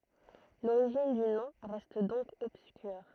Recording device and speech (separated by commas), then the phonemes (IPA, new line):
throat microphone, read sentence
loʁiʒin dy nɔ̃ ʁɛst dɔ̃k ɔbskyʁ